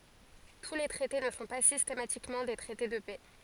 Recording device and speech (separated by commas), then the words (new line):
forehead accelerometer, read sentence
Tous les traités ne sont pas systématiquement des traités de paix.